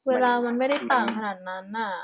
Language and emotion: Thai, frustrated